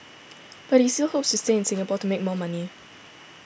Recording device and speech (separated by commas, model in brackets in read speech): boundary microphone (BM630), read sentence